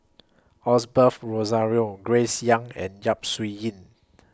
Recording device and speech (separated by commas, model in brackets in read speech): close-talking microphone (WH20), read sentence